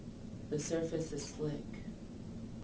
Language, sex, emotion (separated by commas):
English, female, neutral